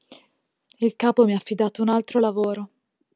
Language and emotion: Italian, sad